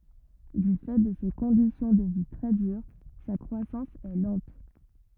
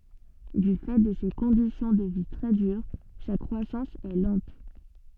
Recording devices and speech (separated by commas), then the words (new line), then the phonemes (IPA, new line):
rigid in-ear microphone, soft in-ear microphone, read sentence
Du fait de ces conditions de vie très dures, sa croissance est lente.
dy fɛ də se kɔ̃disjɔ̃ də vi tʁɛ dyʁ sa kʁwasɑ̃s ɛ lɑ̃t